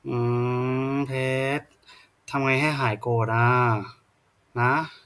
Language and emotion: Thai, frustrated